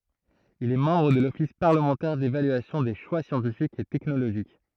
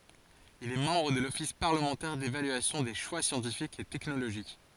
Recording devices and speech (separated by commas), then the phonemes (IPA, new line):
throat microphone, forehead accelerometer, read sentence
il ɛ mɑ̃bʁ də lɔfis paʁləmɑ̃tɛʁ devalyasjɔ̃ de ʃwa sjɑ̃tifikz e tɛknoloʒik